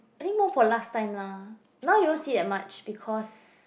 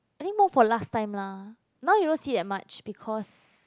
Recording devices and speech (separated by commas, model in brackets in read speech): boundary microphone, close-talking microphone, conversation in the same room